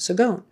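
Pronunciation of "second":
'Second' is given its French pronunciation, with a g sound where the word is spelled with a c.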